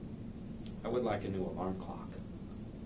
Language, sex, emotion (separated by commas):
English, male, neutral